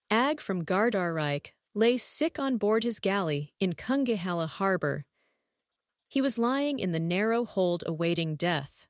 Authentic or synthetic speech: synthetic